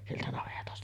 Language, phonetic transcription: Finnish, 'sieltä navetasta .
- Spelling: sieltä navetasta

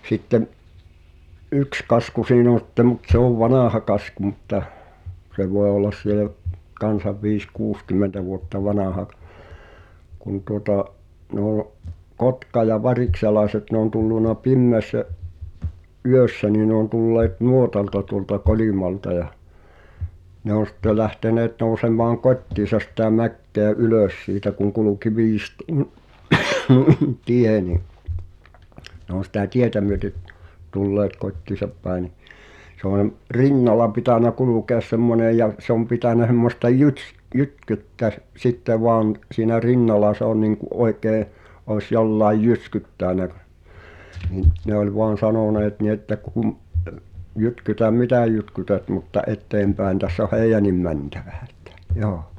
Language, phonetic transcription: Finnish, 'sitte(m) , "’yks 'kasku siin ‿on̬ sⁱttem mut 'se ‿ov "vanàha 'kasku mutta , se voe ollas sielᵃ̈ , 'kan̬sav 'viis- "kuuskym̆mentä vuotta 'vanàha ᵏ- , kun tuota’ , noo’ , 'kotka- ja 'varikselaeset ne ‿on tulluna "pimmeässä , '’yössä nii ne ‿on tulleet "nuotalta tuŏlta 'Kolìmalta ja , ne ‿on̬ sitte lähteneet nòu̬sem̀aaŋ "kot́tiisas sitä 'mäkkèᵃ̈ "ylö̀s siitä kuŋ 'kuluki 'viist(oon) (nuin) "tie ni , ne ‿òn̬ sitä̀ "tietä myöt(e)t , 'tulleet "kot́tiisap pä̀e ni , se ‿òn , "rinnala pitä̀nä "kulùkèas 'semmonè ja se ‿om 'pitä̀nä h̳emmosta "jyts- , "jytk(e)ttä sˉ , 'sitte voan , siinä "rinnala se ‿on niiŋku’ '’oekee , òes 'jollàej "jyskyttä̀nä , ɴɪ’ , ne ‿oĺ 'voan̬ "sanòneet ni ‿että kum , » 'jytkytäm "mitä̀ 'jytkytät mutta '’et̆teempä̀en täss ‿oh "hèijännim mäntᴀ̈ᴠᴀ̈ « ᴇttᴀ̈ 'joo .
- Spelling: sitten yksi kasku siinä on sitten mutta se on vanha kasku mutta se voi olla siellä kanssa viisi kuusikymmentä vuotta vanha - kun tuota nuo kotka- ja varikselaiset ne on tullut pimeässä yössä niin ne on tulleet nuotalta tuolta Kolimalta ja ne on sitten lähteneet nousemaan kotiinsa sitä mäkeä ylös siitä kun kulki viistoon noin tie niin ne on sitä tietä myötä tulleet kotiinsa päin niin se on rinnalla pitänyt kulkea semmoinen ja se on pitänyt semmoista - jytkettä - sitten vain siinä rinnalla se on niin kuin oikein olisi jollakin jyskyttänyt niin ne oli vain sanoneet niin että kun jytkytä mitä jytkytät mutta eteenpäin tässä on heidänkin mentävä että joo

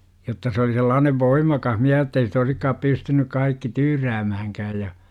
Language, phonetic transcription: Finnish, jotta se oli 'sellaanev voim̆makah miä - jott ‿ei si't ‿oisikkaap 'pystynyk kaikki "tyyräämähäŋkääj ja .
- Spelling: jotta se oli sellainen voimakas - jotta ei sitä olisikaan pystynyt kaikki tyyräämäänkään ja

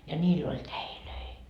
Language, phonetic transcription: Finnish, ja ńiill ‿oĺ "täilöi .
- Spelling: ja niillä oli täitä

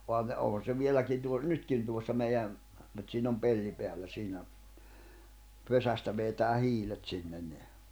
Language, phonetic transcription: Finnish, 'ohan ne òhan̬ se 'vieläkin tuo- , 'nytkin liuossa meijäᵐ , mut siin ‿om 'pelli 'peällä 'siinä , 'pesästä veetää 'hiilet sinnen ni ,.
- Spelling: onhan ne onhan se vieläkin - nytkin tuossa meidän mutta siinä on pelti päällä siinä pesästä vetää hiilet sinne niin

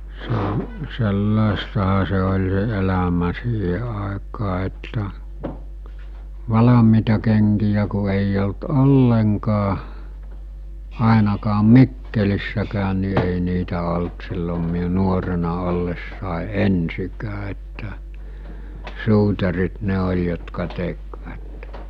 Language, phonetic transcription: Finnish, se- , 'sellàestaha se oĺ se 'elämä 'siihe àekaa että , 'valamiita keŋkijä ku eij ‿olt "olleŋkaa , 'àenakaam̆ "Mikkelissäkään̆ ni ei niitä olt sillom miu 'nuorena 'ollessàe "ensikää että , 'suutarit 'ne oĺ jotka 'tekvät .
- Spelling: - sellaistahan se oli se elämä siihen aikaan että valmiita kenkiä kun ei ollut ollenkaan ainakaan Mikkelissäkään niin ei niitä ollut silloin minun nuorena ollessani ensinkään että suutarit ne oli jotka tekivät

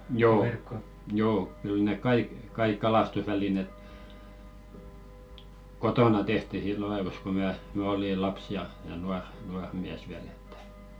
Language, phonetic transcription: Finnish, "joo , 'joo , 'kyl nèk "kaik 'kaiᵏ kalastusvälineᵗ , "kotona tehti 'sillo aivos ko mä , 'mä oli "laps ja , ja 'nuar , 'nuar miäs viäl ‿ettᴀ̈ .
- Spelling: joo joo kyllä ne kaikki kaikki kalastusvälineet kotona tehtiin silloin ajoissa kun minä minä olin lapsi ja ja nuori nuori mies vielä että

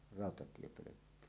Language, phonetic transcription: Finnish, ràotatiepölökky .
- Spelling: rautatiepölkky

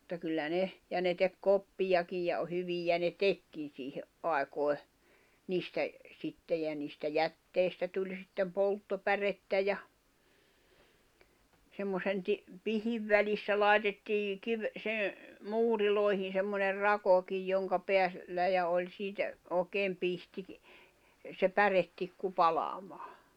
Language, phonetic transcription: Finnish, [mut]ta kyllä 'ne , ja ne tek 'koppijakij ja o- 'hyvijä ne "tekkin̬ siihe’ '’ài̬koi̬ , 'niistä , 'sitte jä niistä "jätteistä tuĺ sittem 'polttopärettä ja , semmosen ti- , 'pihiv välissä 'lài̬tettii , kiv- , sen̬ , 'muurilòehin̬ semmoner "rakokij joŋka 'peä- , -llä ja 'oĺ siitä , ooᵉkeem 'pihtikⁱ , se 'pärettikku 'palamaa .
- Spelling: mutta kyllä ne ja ne teki koppiakin ja - hyviä ne tekikin siihen aikoihin niistä sitten ja niistä jätteistä tuli sitten polttopärettä ja semmoisen - pihdin välissä laitettiin - sen muureihin semmoinen rakokin jonka - päällä ja oli siitä oikein pihtikin se päretikku palamaan

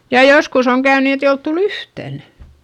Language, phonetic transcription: Finnish, ja joskus ‿oŋ käyn nii et ‿ei olt tul ‿yhtän .
- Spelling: ja joskus on käynyt niin että ei ole tullut yhtään

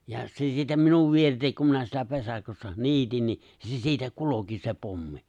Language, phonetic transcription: Finnish, ja se siitä 'minuv 'vieritek kum minä siellä 'vesaⁱkóssa 'ni̬itin ni , ni se 'siitä 'kuloki se 'pommi .
- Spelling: ja se siitä minun vieritse kun minä siellä vesakossa niitin niin niin se siitä kulki se pommi

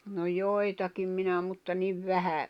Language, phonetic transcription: Finnish, no 'joi̬takim minä mutta niv 'vähä ,.
- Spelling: no joitakin minä mutta niin vähän

